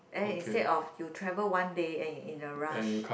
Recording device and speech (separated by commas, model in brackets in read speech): boundary microphone, conversation in the same room